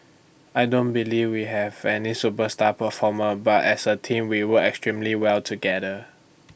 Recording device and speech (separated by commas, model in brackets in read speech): boundary microphone (BM630), read sentence